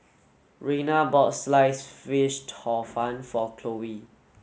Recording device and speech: mobile phone (Samsung S8), read sentence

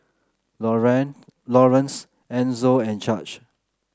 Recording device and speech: close-talking microphone (WH30), read sentence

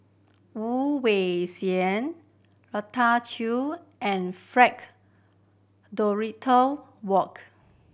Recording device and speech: boundary microphone (BM630), read sentence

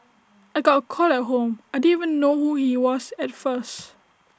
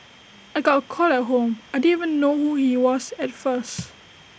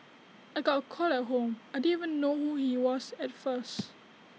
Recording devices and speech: standing microphone (AKG C214), boundary microphone (BM630), mobile phone (iPhone 6), read sentence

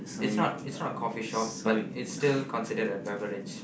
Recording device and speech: boundary microphone, conversation in the same room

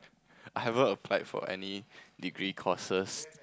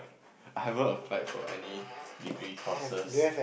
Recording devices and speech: close-talking microphone, boundary microphone, conversation in the same room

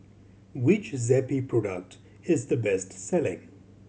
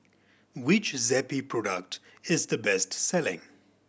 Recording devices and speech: mobile phone (Samsung C7100), boundary microphone (BM630), read sentence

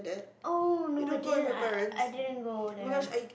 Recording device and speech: boundary microphone, conversation in the same room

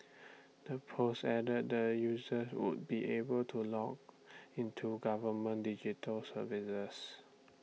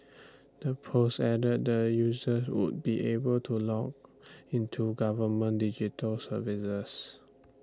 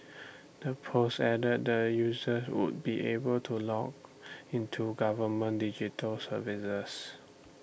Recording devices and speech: mobile phone (iPhone 6), standing microphone (AKG C214), boundary microphone (BM630), read sentence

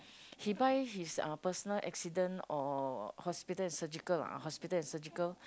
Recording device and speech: close-talking microphone, conversation in the same room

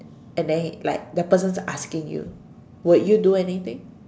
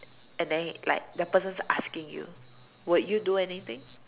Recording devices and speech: standing microphone, telephone, conversation in separate rooms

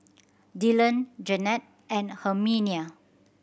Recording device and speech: boundary microphone (BM630), read sentence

